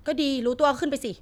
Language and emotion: Thai, angry